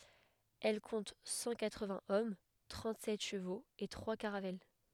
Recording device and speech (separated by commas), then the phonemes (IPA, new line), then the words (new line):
headset microphone, read sentence
ɛl kɔ̃t sɑ̃ katʁəvɛ̃z ɔm tʁɑ̃tzɛt ʃəvoz e tʁwa kaʁavɛl
Elle compte cent quatre-vingts hommes, trente-sept chevaux et trois caravelles.